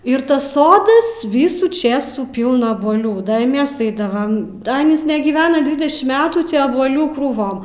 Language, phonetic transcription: Lithuanian, ir ˈtas ˈsodas ˈvysų ˈčėsų ˈpylna abuoˈlių ˈda i ˈmes ˈaidavam ˈanys negyˈvena ˈdvidešim ˈmetų ˈtį abuoˈlių krūˈvom

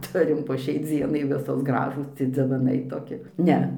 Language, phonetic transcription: Lithuanian, ˈturim po ˈšiai ˈdzienai ˈvisos ˈgražūs dzivaˈnai toˈki ˈne

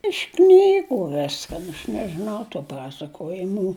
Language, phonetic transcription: Lithuanian, iš ˈknygu ˈviskan aš nežiˈnau tų ˈpasakojimų

